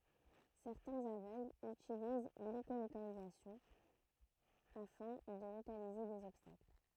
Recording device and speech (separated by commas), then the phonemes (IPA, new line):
throat microphone, read sentence
sɛʁtɛ̃z avøɡlz ytiliz leʃolokalizasjɔ̃ afɛ̃ də lokalize dez ɔbstakl